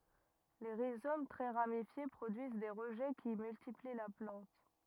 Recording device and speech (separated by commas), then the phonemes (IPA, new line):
rigid in-ear microphone, read sentence
le ʁizom tʁɛ ʁamifje pʁodyiz de ʁəʒɛ ki myltipli la plɑ̃t